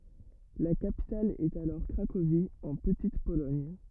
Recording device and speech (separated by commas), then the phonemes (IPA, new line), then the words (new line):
rigid in-ear microphone, read sentence
la kapital ɛt alɔʁ kʁakovi ɑ̃ pətit polɔɲ
La capitale est alors Cracovie, en Petite-Pologne.